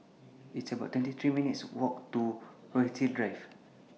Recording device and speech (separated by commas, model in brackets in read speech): mobile phone (iPhone 6), read sentence